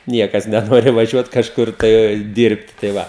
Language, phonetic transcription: Lithuanian, ˈniekas neˈnori vaˈžiuot kažˈkur tai ˈdirbt tai ˈva

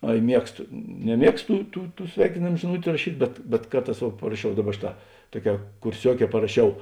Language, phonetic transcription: Lithuanian, ˈai ˈmiegsto neˈmiegsto ˈtų ˈtų ˈtų ˈsveikinėm žiˈnutiu raˈšyt' bet bet ˈkarˌtās vuo paraˈšiau ˈdaˌba ˈšėˌtā ˈtuoˌkē kurˈsiuoˌkē paraˈšiau

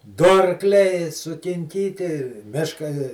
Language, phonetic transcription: Lithuanian, ˈdu arˈkliai sukinˈkyti ˈmiška

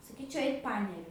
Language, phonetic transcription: Lithuanian, saˈkyčiau ˈeik ˈpaneriu

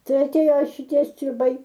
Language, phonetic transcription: Lithuanian, ˈtai atˈėjo šiˈtie striˈbai

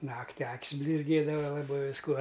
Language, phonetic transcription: Lithuanian, ˈnakti ˈak's' blizˈgėdava laˈbai visˈkuo

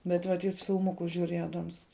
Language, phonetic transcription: Lithuanian, bet ˈvat ˈjis filˈmukus žiuˈriedams

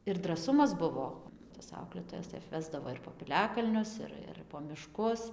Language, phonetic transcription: Lithuanian, ir draˈsumas ˈbuvo tas ˈauklėtojas tai apˈvesdavo ir po piˈliakalnius ˈir ir po miˈškus

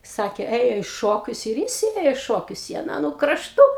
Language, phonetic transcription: Lithuanian, ˈsakė ˈėjo į ˈšokius ir ˈjis ˈėjo i ˈšokius i aˈną nu krašˈtu

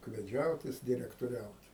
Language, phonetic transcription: Lithuanian, ukveˈdžiaut ˈjis direktoˈriaut

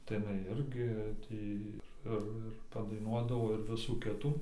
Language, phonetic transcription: Lithuanian, tai iˈnai ˈirgi ˈtį ir ˈir ir padaiˈnuodavo ir ˈvisų ˈkitų

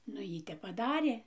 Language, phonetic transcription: Lithuanian, nu ˈjy ˈtep paˈdarė

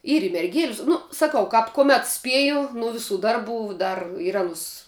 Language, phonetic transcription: Lithuanian, ˈyr i merˈgėlis ˈnu saˈkau kap kuˈmet ˈspieju nu ˈviˌsų ˈdarˌbų ˈdar ir ˈanus

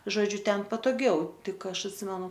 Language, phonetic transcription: Lithuanian, žoˈdžiu ˈten patoˈgiau ˈtik ˈaš atˈsimenu

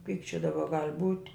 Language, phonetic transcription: Lithuanian, kaip čia daˈba gal' būt'

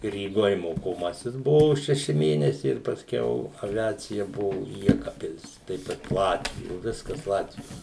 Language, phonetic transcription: Lithuanian, ryˈgoj mokoˈmasis ˈbuvo šeˈši ˈmėnesiai ir pasˈkiau aˈviacija ˈbuvu ˈjekabpil's ˈtaip kad ˈlatvijo ˈviskas ˈlatvijo

